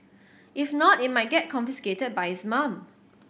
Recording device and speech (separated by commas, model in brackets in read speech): boundary microphone (BM630), read sentence